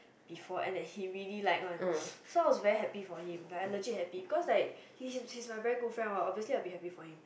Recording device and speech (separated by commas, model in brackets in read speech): boundary microphone, conversation in the same room